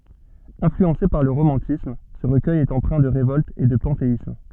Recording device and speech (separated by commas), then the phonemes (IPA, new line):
soft in-ear microphone, read sentence
ɛ̃flyɑ̃se paʁ lə ʁomɑ̃tism sə ʁəkœj ɛt ɑ̃pʁɛ̃ də ʁevɔlt e də pɑ̃teism